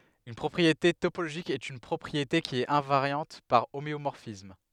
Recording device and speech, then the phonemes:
headset microphone, read sentence
yn pʁɔpʁiete topoloʒik ɛt yn pʁɔpʁiete ki ɛt ɛ̃vaʁjɑ̃t paʁ omeomɔʁfism

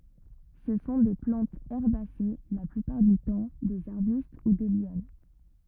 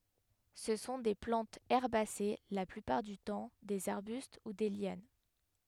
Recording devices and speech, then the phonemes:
rigid in-ear microphone, headset microphone, read sentence
sə sɔ̃ de plɑ̃tz ɛʁbase la plypaʁ dy tɑ̃ dez aʁbyst u de ljan

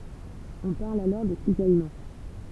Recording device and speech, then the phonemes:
temple vibration pickup, read sentence
ɔ̃ paʁl alɔʁ də sizajmɑ̃

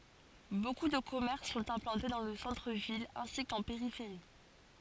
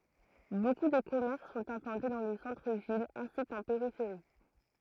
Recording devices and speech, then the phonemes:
forehead accelerometer, throat microphone, read sentence
boku də kɔmɛʁs sɔ̃t ɛ̃plɑ̃te dɑ̃ lə sɑ̃tʁ vil ɛ̃si kɑ̃ peʁifeʁi

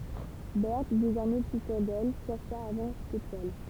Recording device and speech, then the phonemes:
temple vibration pickup, read sentence
bɛʁt dezɔʁmɛ ply syʁ dɛl ʃɛʁʃa a vɑ̃dʁ se twal

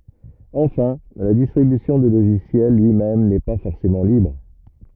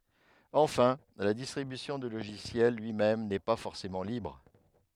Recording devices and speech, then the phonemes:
rigid in-ear microphone, headset microphone, read sentence
ɑ̃fɛ̃ la distʁibysjɔ̃ dy loʒisjɛl lyi mɛm nɛ pa fɔʁsemɑ̃ libʁ

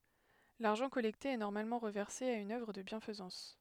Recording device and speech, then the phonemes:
headset microphone, read sentence
laʁʒɑ̃ kɔlɛkte ɛ nɔʁmalmɑ̃ ʁəvɛʁse a yn œvʁ də bjɛ̃fəzɑ̃s

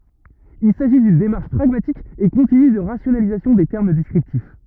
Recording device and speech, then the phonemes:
rigid in-ear microphone, read sentence
il saʒi dyn demaʁʃ pʁaɡmatik e kɔ̃tiny də ʁasjonalizasjɔ̃ de tɛʁm dɛskʁiptif

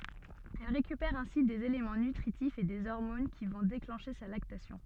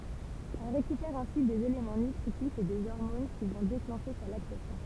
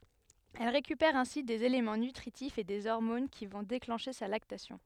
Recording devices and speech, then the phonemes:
soft in-ear microphone, temple vibration pickup, headset microphone, read sentence
ɛl ʁekypɛʁ ɛ̃si dez elemɑ̃ nytʁitifz e de ɔʁmon ki vɔ̃ deklɑ̃ʃe sa laktasjɔ̃

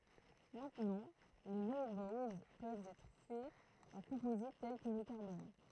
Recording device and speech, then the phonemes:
throat microphone, read sentence
mɛ̃tnɑ̃ leə lɔ̃ɡbowz pøvt ɛtʁ fɛz ɑ̃ kɔ̃pozit tɛl kə lə kaʁbɔn

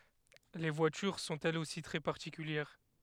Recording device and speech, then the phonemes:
headset microphone, read sentence
le vwatyʁ sɔ̃t ɛlz osi tʁɛ paʁtikyljɛʁ

